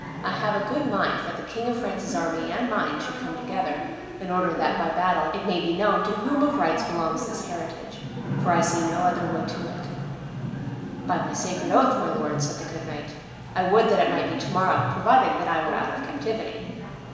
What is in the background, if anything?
A television.